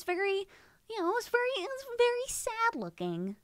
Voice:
silly voice